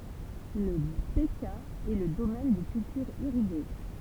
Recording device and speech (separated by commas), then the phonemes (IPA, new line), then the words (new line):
temple vibration pickup, read sentence
la bəkaa ɛ lə domɛn de kyltyʁz iʁiɡe
La Bekaa est le domaine des cultures irriguées.